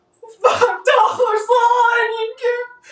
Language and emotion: English, sad